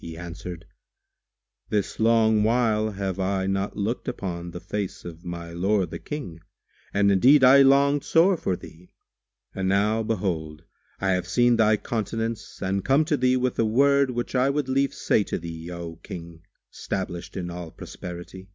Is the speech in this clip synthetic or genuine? genuine